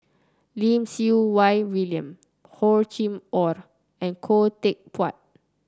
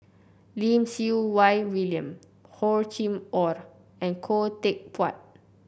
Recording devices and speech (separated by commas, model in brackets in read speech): close-talking microphone (WH30), boundary microphone (BM630), read sentence